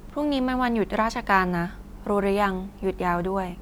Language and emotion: Thai, neutral